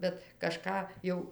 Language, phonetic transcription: Lithuanian, bet ˈkažką ˈjau

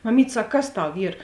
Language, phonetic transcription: Lithuanian, maˈmyt' ˈsak ˈkas ˈtau ˈyr

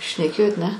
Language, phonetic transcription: Lithuanian, šneˈkėjot ˈne

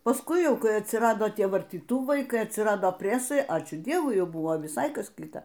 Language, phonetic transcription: Lithuanian, paˈskui ˈjau ˈkai atsiˈrado ˈtie vartyˈtūvai ˈkai atsiˈrado ˈpresai ˈačiū ˈdievui ˈjau ˈbuvo viˈsai ˈkas ˈkita

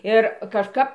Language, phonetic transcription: Lithuanian, ˈir kažˈkap

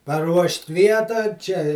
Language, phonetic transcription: Lithuanian, paˈruošt' ˈvietą ˈčia i

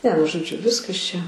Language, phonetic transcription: Lithuanian, ne nu žoˈdžiu ˈviskas čia

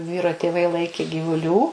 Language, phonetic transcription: Lithuanian, ˈvyro tėˈvai ˈlaikė gyvuˈlių

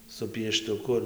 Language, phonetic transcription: Lithuanian, su pieštuˈku ir

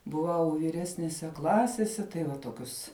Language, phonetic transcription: Lithuanian, buˈvau vyˈresnese ˈklasese tai ˈva ˈtokius

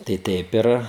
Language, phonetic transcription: Lithuanian, tai ˈteip ir

